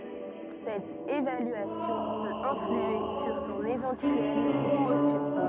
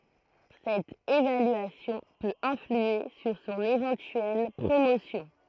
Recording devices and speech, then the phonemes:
rigid in-ear microphone, throat microphone, read sentence
sɛt evalyasjɔ̃ pøt ɛ̃flye syʁ sɔ̃n evɑ̃tyɛl pʁomosjɔ̃

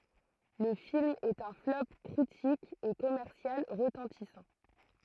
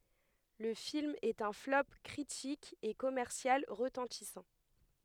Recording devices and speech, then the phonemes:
throat microphone, headset microphone, read sentence
lə film ɛt œ̃ flɔp kʁitik e kɔmɛʁsjal ʁətɑ̃tisɑ̃

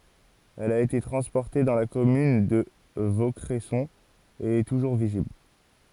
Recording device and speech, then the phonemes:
forehead accelerometer, read sentence
ɛl a ete tʁɑ̃spɔʁte dɑ̃ la kɔmyn də vokʁɛsɔ̃ e ɛ tuʒuʁ vizibl

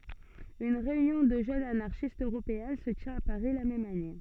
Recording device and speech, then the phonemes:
soft in-ear microphone, read sentence
yn ʁeynjɔ̃ də ʒønz anaʁʃistz øʁopeɛ̃ sə tjɛ̃t a paʁi la mɛm ane

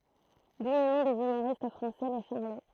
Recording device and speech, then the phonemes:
throat microphone, read sentence
du lə nɔ̃ dez ymoʁist fʁɑ̃sɛ le ʃaʁlo

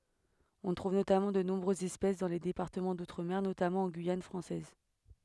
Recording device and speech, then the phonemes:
headset microphone, read sentence
ɔ̃ tʁuv notamɑ̃ də nɔ̃bʁøzz ɛspɛs dɑ̃ le depaʁtəmɑ̃ dutʁəme notamɑ̃ ɑ̃ ɡyijan fʁɑ̃sɛz

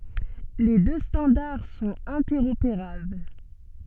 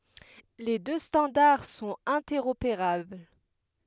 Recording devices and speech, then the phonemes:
soft in-ear microphone, headset microphone, read sentence
le dø stɑ̃daʁ sɔ̃t ɛ̃tɛʁopeʁabl

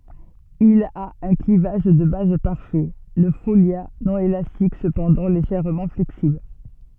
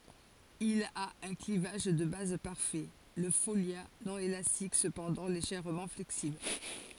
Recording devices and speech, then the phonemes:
soft in-ear microphone, forehead accelerometer, read sentence
il a œ̃ klivaʒ də baz paʁfɛ lə folja nɔ̃ elastik səpɑ̃dɑ̃ leʒɛʁmɑ̃ flɛksibl

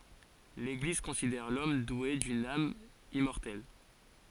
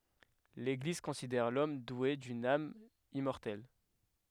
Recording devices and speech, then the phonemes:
forehead accelerometer, headset microphone, read sentence
leɡliz kɔ̃sidɛʁ lɔm dwe dyn am immɔʁtɛl

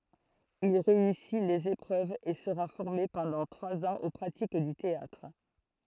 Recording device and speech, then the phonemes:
throat microphone, read sentence
il ʁeysi lez epʁøvz e səʁa fɔʁme pɑ̃dɑ̃ tʁwaz ɑ̃z o pʁatik dy teatʁ

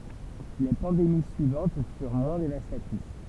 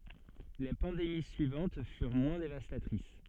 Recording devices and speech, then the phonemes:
temple vibration pickup, soft in-ear microphone, read sentence
le pɑ̃demi syivɑ̃t fyʁ mwɛ̃ devastatʁis

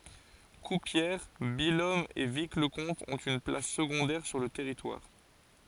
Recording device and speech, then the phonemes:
forehead accelerometer, read sentence
kuʁpjɛʁ bijɔm e vikləkɔ̃t ɔ̃t yn plas səɡɔ̃dɛʁ syʁ lə tɛʁitwaʁ

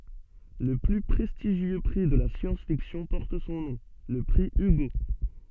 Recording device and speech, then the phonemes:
soft in-ear microphone, read sentence
lə ply pʁɛstiʒjø pʁi də la sjɑ̃s fiksjɔ̃ pɔʁt sɔ̃ nɔ̃ lə pʁi yɡo

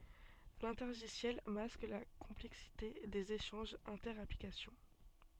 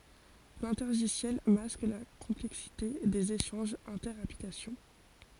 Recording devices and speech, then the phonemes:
soft in-ear microphone, forehead accelerometer, read sentence
lɛ̃tɛʁʒisjɛl mask la kɔ̃plɛksite dez eʃɑ̃ʒz ɛ̃tɛʁ aplikasjɔ̃

